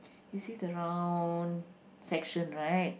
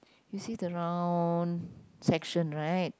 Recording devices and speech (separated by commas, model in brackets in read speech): boundary microphone, close-talking microphone, conversation in the same room